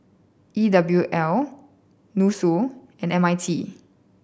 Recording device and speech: boundary microphone (BM630), read sentence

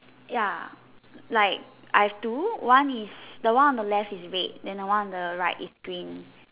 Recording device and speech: telephone, conversation in separate rooms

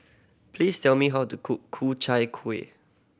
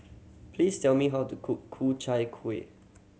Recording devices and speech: boundary microphone (BM630), mobile phone (Samsung C7100), read sentence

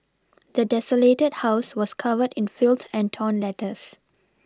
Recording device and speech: standing microphone (AKG C214), read sentence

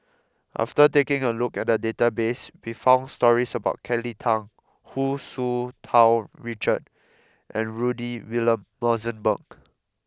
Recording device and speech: close-talking microphone (WH20), read sentence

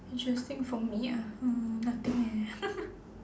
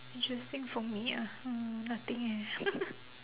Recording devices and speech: standing microphone, telephone, conversation in separate rooms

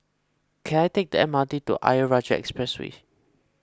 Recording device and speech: close-talking microphone (WH20), read sentence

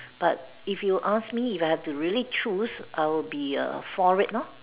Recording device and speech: telephone, conversation in separate rooms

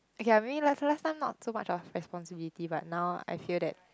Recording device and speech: close-talking microphone, conversation in the same room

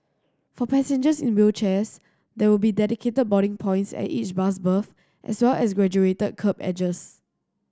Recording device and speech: standing microphone (AKG C214), read sentence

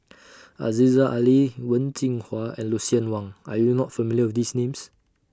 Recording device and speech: standing microphone (AKG C214), read sentence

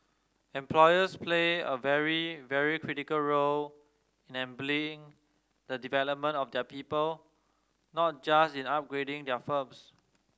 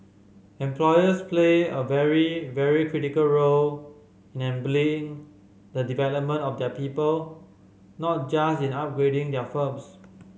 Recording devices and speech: standing microphone (AKG C214), mobile phone (Samsung C5010), read sentence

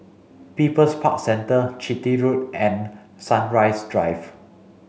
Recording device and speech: mobile phone (Samsung C5), read sentence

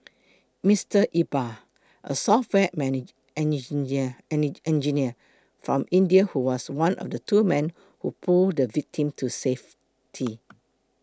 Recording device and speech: close-talking microphone (WH20), read sentence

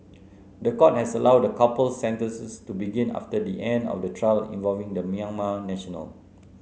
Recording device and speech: mobile phone (Samsung C9), read sentence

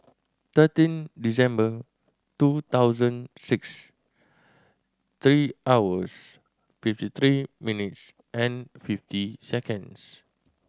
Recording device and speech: standing microphone (AKG C214), read sentence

